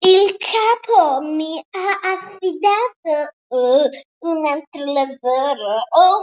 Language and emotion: Italian, disgusted